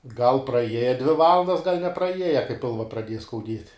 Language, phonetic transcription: Lithuanian, gal praˈieja dvi ˈvalandas gal' nepraˈieja kai ˈpilva praˈdieja skauˈdiet'

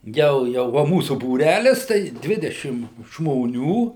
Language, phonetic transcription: Lithuanian, ˈjau ˈjau va ˈmūsu būˈrælis tai ˈdvidešim žmoˈnių

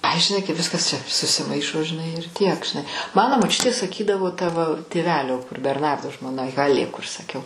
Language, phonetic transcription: Lithuanian, ˈai žiˈnai kai ˈviskas ˈčia susiˈmaišo žiˈnai ir ˈtiek žiˈnai ˈmano moˈčiutė saˈkydavo ta va tėˈvelio kur berˈnardo žmoˈna ˈhalė kur saˈkiau

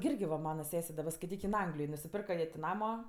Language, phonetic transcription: Lithuanian, gi ˈirgi va ˈmana ˈsese daˈba skaiˈtyk in ˈanglijoj nusiˈpirka jie ti ˈnamo

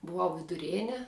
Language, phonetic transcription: Lithuanian, buˈvau viduˈrėne

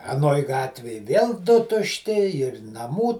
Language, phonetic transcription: Lithuanian, aˈnoj ˈgatvėj vėl ˈdu tušˈti ir naˈmų

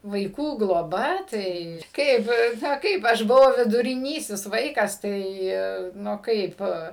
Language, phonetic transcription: Lithuanian, vaiˈkų gloˈba tai ˈkaip ˈna ˈkaip ˈaš buˈvau viduriˈnysis ˈvaikas ˈtai ˈnu ˈkaip

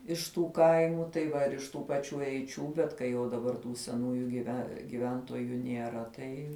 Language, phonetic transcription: Lithuanian, iš ˈtų ˈkaimu tai ˈva ir iš ˈtų paˈčių eiˈčių bet kai ˈjau daˈbar tų seˈnųju giˈve giˈventoju nieˈra ˈtai

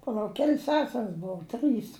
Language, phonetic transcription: Lithuanian, paˈlauk ˈkel's ˈsesers ˈbou ˈtrɨs

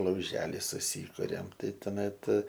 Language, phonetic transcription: Lithuanian, lauˈželi suˈsykuriam ˈtai toˈmet

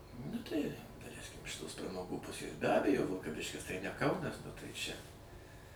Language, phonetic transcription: Lithuanian, nu tai daˈleiskim iš ˈtos pramaˈgų ˈpusės be ˈabejo vilkaˈviškis tai ne ˈkaunas nu tai ˈčia

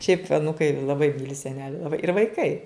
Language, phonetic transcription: Lithuanian, šiaip aˈnūkai laˈbai ˈmyli seˈneli laˈbai ir vaiˈkai

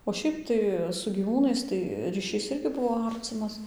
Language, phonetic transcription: Lithuanian, o ˈšiaip tai su gyˈvūnais tai ryˈšys ˈirgi ˈbuvo ˈarcimas

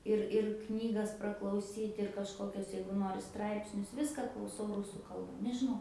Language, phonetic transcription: Lithuanian, ˈir ir ˈknygas praklauˈsyt' ir kažˈkokios ˈjeigu ˈnori ˈstraipsnius ˈviską klauˈsau ˈrusų ˈkalba nežiˈnau

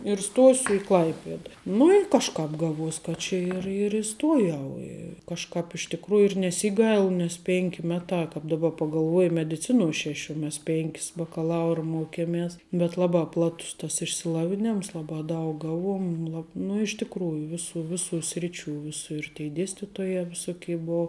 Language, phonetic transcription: Lithuanian, ir ˈstosiu i ˈklaipieda ˈnu ir kažˈkāp ˈgaˌvuos ka ˈčia ir ir iˈstuojau i kažˈkāp iš tikˈrųju ir neˈsyˌgailu nes ˈpėnki ˈmetā kāp daˈba pagalˈvuoji mediˈcinuo ˈšeš' o ˈmes ˈpėnkis bakaˈlaura ˈmuokemes bet ˈlabā ˈplatus tas išsiˈlavinems ˈlabā ˈdaug ˈgavuom lab nu iš tikˈrųju ˈviˌsų ˈviˌsų ˈsriˌčių ˈviˌsu ir tei ˈdėstitoja viˈsukei ˈbou

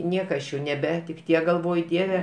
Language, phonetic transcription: Lithuanian, ˈnieka aš ˈjau neˈbetik' ˈtiek galˈvoj ˈdieve

